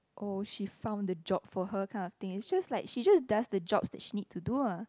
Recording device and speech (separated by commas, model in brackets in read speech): close-talking microphone, conversation in the same room